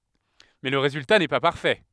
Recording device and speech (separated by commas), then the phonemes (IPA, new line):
headset microphone, read sentence
mɛ lə ʁezylta nɛ pa paʁfɛ